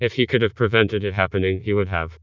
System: TTS, vocoder